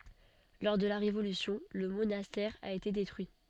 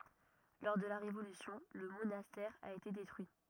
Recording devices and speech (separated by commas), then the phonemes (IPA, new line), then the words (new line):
soft in-ear microphone, rigid in-ear microphone, read sentence
lɔʁ də la ʁevolysjɔ̃ lə monastɛʁ a ete detʁyi
Lors de la Révolution, le monastère a été détruit.